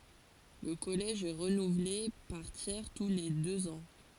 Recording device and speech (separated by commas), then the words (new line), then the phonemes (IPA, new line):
forehead accelerometer, read sentence
Le Collège est renouvelé par tiers tous les deux ans.
lə kɔlɛʒ ɛ ʁənuvle paʁ tjɛʁ tu le døz ɑ̃